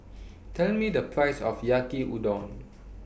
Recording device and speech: boundary microphone (BM630), read sentence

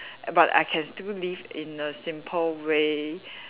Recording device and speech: telephone, conversation in separate rooms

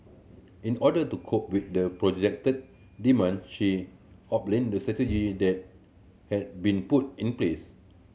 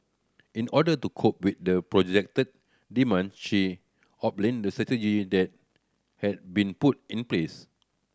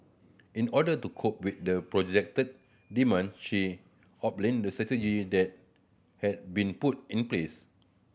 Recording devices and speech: mobile phone (Samsung C7100), standing microphone (AKG C214), boundary microphone (BM630), read sentence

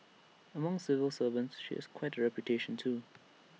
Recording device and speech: mobile phone (iPhone 6), read sentence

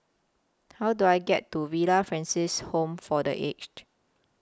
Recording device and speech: close-talking microphone (WH20), read sentence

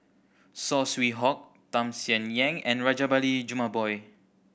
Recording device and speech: boundary microphone (BM630), read sentence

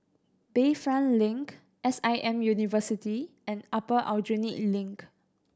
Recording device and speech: standing microphone (AKG C214), read sentence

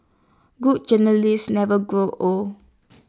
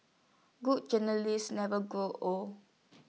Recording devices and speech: standing microphone (AKG C214), mobile phone (iPhone 6), read sentence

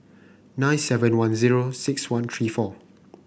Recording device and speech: boundary microphone (BM630), read sentence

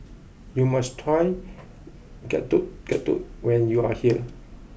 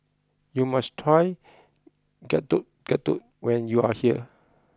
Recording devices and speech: boundary microphone (BM630), close-talking microphone (WH20), read sentence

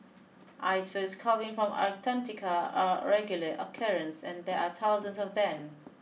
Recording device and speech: mobile phone (iPhone 6), read sentence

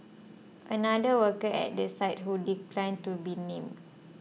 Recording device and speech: mobile phone (iPhone 6), read sentence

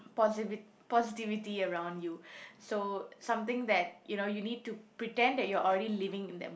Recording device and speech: boundary microphone, conversation in the same room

